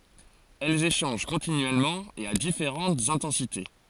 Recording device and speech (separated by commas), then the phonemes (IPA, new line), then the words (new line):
forehead accelerometer, read sentence
ɛlz eʃɑ̃ʒ kɔ̃tinyɛlmɑ̃ e a difeʁɑ̃tz ɛ̃tɑ̃site
Elles échangent continuellement et à différentes intensités.